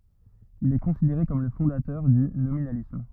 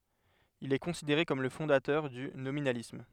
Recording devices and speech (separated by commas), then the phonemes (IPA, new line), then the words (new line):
rigid in-ear microphone, headset microphone, read sentence
il ɛ kɔ̃sideʁe kɔm lə fɔ̃datœʁ dy nominalism
Il est considéré comme le fondateur du nominalisme.